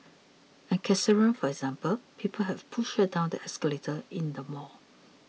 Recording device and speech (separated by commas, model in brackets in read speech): mobile phone (iPhone 6), read sentence